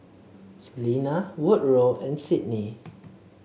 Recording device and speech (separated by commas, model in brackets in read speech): mobile phone (Samsung C7), read sentence